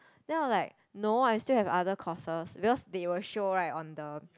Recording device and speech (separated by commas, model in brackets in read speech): close-talking microphone, conversation in the same room